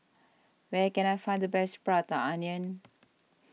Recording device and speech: mobile phone (iPhone 6), read sentence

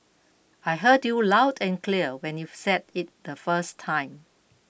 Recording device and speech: boundary microphone (BM630), read sentence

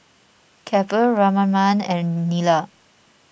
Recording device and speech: boundary microphone (BM630), read sentence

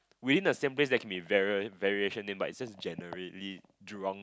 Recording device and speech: close-talking microphone, conversation in the same room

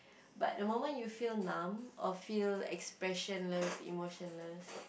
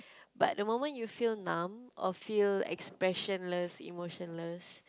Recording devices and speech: boundary microphone, close-talking microphone, conversation in the same room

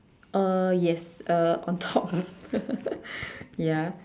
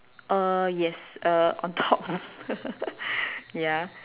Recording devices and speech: standing microphone, telephone, conversation in separate rooms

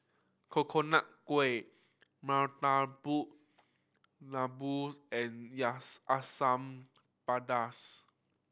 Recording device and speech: boundary microphone (BM630), read sentence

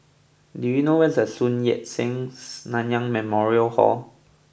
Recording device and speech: boundary microphone (BM630), read sentence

